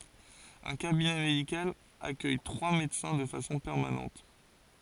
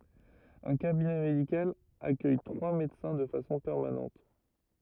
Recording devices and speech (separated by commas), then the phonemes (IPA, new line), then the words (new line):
forehead accelerometer, rigid in-ear microphone, read sentence
œ̃ kabinɛ medikal akœj tʁwa medəsɛ̃ də fasɔ̃ pɛʁmanɑ̃t
Un cabinet médical accueille trois médecins de façon permanente.